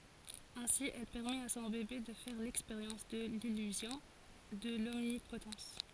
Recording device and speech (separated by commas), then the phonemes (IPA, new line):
forehead accelerometer, read sentence
ɛ̃si ɛl pɛʁmɛt a sɔ̃ bebe də fɛʁ lɛkspeʁjɑ̃s də lilyzjɔ̃ də lɔmnipotɑ̃s